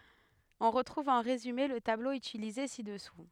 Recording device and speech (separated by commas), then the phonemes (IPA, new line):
headset microphone, read sentence
ɔ̃ ʁətʁuv ɑ̃ ʁezyme lə tablo ytilize sidɛsu